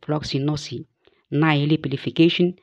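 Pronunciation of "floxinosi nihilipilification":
'Floccinaucinihilipilification' is said with the American pronunciation.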